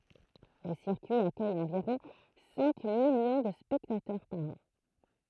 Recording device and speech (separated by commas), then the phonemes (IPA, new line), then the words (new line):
throat microphone, read sentence
lə siʁkyi akœj ɑ̃viʁɔ̃ sɛ̃ miljɔ̃ də spɛktatœʁ paʁ ɑ̃
Le circuit accueille environ cinq millions de spectateurs par an.